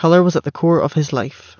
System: none